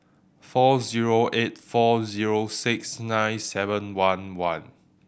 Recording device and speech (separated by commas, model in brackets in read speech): boundary microphone (BM630), read sentence